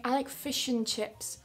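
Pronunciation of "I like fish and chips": In 'fish and chips', the word 'and' is really weak.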